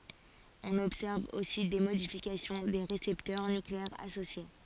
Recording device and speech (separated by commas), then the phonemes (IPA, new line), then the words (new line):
forehead accelerometer, read sentence
ɔ̃n ɔbsɛʁv osi de modifikasjɔ̃ de ʁesɛptœʁ nykleɛʁz asosje
On observe aussi des modifications des récepteurs nucléaires associés.